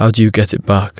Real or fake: real